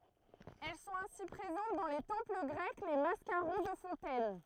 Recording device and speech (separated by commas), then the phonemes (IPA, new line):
throat microphone, read sentence
ɛl sɔ̃t ɛ̃si pʁezɑ̃t dɑ̃ le tɑ̃pl ɡʁɛk le maskaʁɔ̃ də fɔ̃tɛn